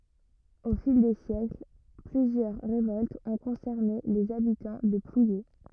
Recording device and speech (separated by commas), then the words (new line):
rigid in-ear microphone, read sentence
Au fil des siècles, plusieurs révoltes ont concerné les habitants de Plouyé.